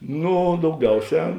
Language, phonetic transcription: Lithuanian, ˈnū dauˈgiauˌsē

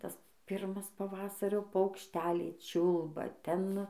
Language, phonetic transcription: Lithuanian, ˈtas ˈpirmas paˈvasario paukšˈteliai ˈčiulba ˈten

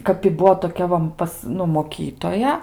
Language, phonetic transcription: Lithuanian, kap i ˈbuo toˈkia va ˈpas ˈnu moˈkytoja

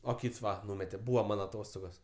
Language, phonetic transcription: Lithuanian, o ˈkyts ˈva ˈnūmete ˈbūva ˈman aˈtostogos

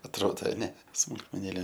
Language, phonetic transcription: Lithuanian, atˈrodo aˈne smulkmeˈnėlė

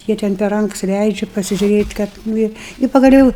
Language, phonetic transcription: Lithuanian, ˈjie ten per ˈranks ˈleidžiu pasižiūˈrėt' ˈkad ˈnu i i pagaˈliou

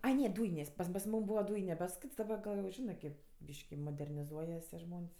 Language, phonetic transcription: Lithuanian, ˈai ˈne ˈdūjinės' pam pas ˈmūm ˈbūva ˈdūjine pas ˈkits daˈba gal jau ˈžinɜ kėp ˈbyški moderniˈzuojas tie ˈžmon's'

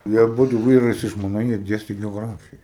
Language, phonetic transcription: Lithuanian, ˈjie aˈbudu ˈvyras i žmoˈna jie ˈdiesti geoˈgrafija

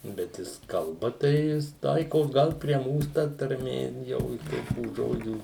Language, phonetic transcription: Lithuanian, bet ˈjis kalˈba tai ˈjis ˈtaikos ˈgal prie ˈmūs ta tarˈmė ˈjau ˈtokių ˈžodžių

